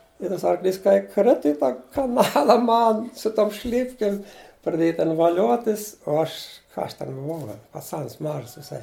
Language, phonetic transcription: Lithuanian, i ˈtas arˈklys kai ˈkritu i ˈtą i kaˈnala ˈman su ˈtom ˈšlipkim praˈdėja ˈten vaˈliotis o ˈaš ka ˈaš ˈten buˈvau gal' paˈcans ˈmažas viˈsai

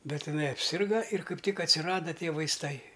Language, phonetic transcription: Lithuanian, ˈbet iˈnai apˈsirga ir ˈkaip ˈtik atsiˈrada ˈtie vaisˈtai

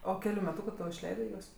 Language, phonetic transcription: Lithuanian, o ˈkeliu meˈtūku to išˈleidɜ ˈjuos

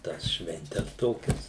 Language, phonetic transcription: Lithuanian, ˈtąs švenˈtes ˈtokias

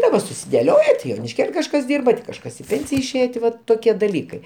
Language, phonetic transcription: Lithuanian, daˈba susideˈlioje ti jonišˈkėl' kažˈkas ˈdyrba ti kažˈkas i ˈpėnsija išˈėje ti ˈvat toˈkie daˈlykai

